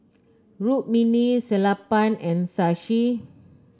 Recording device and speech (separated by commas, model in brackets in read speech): close-talking microphone (WH30), read sentence